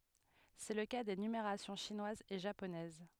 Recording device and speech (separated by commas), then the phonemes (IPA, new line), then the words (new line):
headset microphone, read sentence
sɛ lə ka de nymeʁasjɔ̃ ʃinwaz e ʒaponɛz
C'est le cas des numérations chinoise et japonaise.